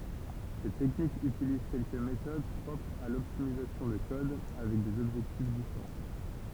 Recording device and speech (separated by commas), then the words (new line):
temple vibration pickup, read sentence
Cette technique utilise quelques méthodes propres à l'optimisation de code, avec des objectifs différents.